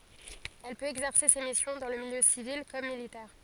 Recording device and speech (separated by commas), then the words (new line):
forehead accelerometer, read sentence
Elle peut exercer ses missions dans le milieu civil comme militaire.